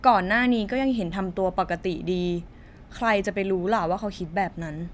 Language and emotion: Thai, frustrated